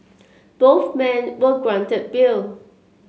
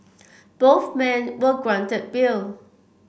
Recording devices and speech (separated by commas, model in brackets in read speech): mobile phone (Samsung C7), boundary microphone (BM630), read sentence